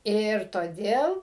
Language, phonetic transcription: Lithuanian, ˈir toˈdėl

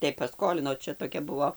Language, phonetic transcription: Lithuanian, tai paˈskolino ˈčia toˈkia ˈbuvo

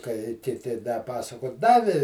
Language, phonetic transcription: Lithuanian, kai kiˈti da ˈpasako ˈdavi

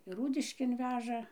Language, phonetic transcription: Lithuanian, ir ˈrūdiškėn ˈveža

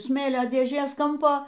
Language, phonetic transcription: Lithuanian, ˈsmėlio dėˈžės ˈkampo

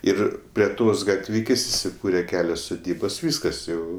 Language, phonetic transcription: Lithuanian, ˈir prie ˈtos gatˈvikės' isiˈkūre ˈkelios suˈdybos ˈvyskas jau

